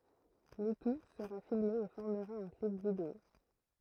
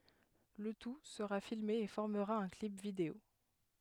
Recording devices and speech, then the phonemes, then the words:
throat microphone, headset microphone, read sentence
lə tu səʁa filme e fɔʁməʁa œ̃ klip video
Le tout sera filmé et formera un clip vidéo.

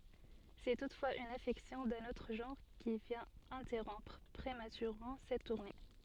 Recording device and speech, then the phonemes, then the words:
soft in-ear microphone, read sentence
sɛ tutfwaz yn afɛksjɔ̃ dœ̃n otʁ ʒɑ̃ʁ ki vjɛ̃t ɛ̃tɛʁɔ̃pʁ pʁematyʁemɑ̃ sɛt tuʁne
C'est toutefois une affection d'un autre genre qui vient interrompre prématurément cette tournée.

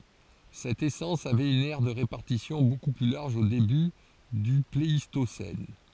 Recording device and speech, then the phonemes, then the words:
forehead accelerometer, read sentence
sɛt esɑ̃s avɛt yn ɛʁ də ʁepaʁtisjɔ̃ boku ply laʁʒ o deby dy pleistosɛn
Cette essence avait une aire de répartition beaucoup plus large au début du Pléistocène.

